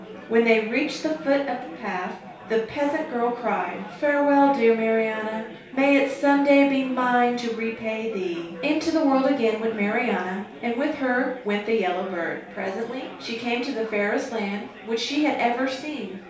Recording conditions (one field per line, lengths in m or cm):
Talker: one person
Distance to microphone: 3.0 m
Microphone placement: far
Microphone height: 1.8 m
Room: small (3.7 m by 2.7 m)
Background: babble